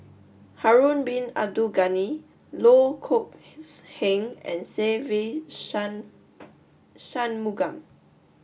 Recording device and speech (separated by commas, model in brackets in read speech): boundary microphone (BM630), read sentence